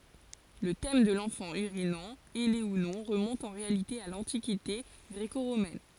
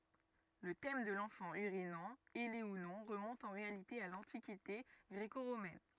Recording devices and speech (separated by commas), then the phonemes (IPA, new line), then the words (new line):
forehead accelerometer, rigid in-ear microphone, read sentence
lə tɛm də lɑ̃fɑ̃ yʁinɑ̃ ɛle u nɔ̃ ʁəmɔ̃t ɑ̃ ʁealite a lɑ̃tikite ɡʁeko ʁomɛn
Le thème de l'enfant urinant, ailé ou non, remonte en réalité à l'Antiquité gréco-romaine.